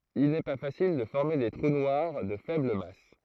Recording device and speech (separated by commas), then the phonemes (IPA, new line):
throat microphone, read sentence
il nɛ pa fasil də fɔʁme de tʁu nwaʁ də fɛbl mas